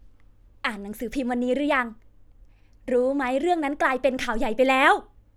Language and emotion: Thai, happy